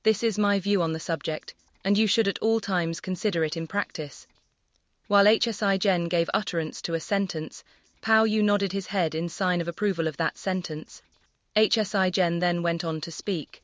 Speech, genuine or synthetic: synthetic